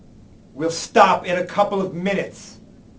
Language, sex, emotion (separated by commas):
English, male, angry